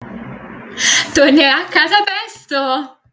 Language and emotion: Italian, happy